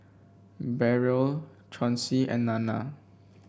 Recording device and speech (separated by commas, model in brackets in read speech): boundary microphone (BM630), read sentence